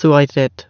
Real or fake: real